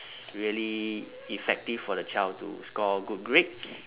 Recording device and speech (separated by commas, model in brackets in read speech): telephone, conversation in separate rooms